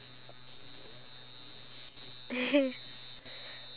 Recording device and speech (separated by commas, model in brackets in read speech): telephone, conversation in separate rooms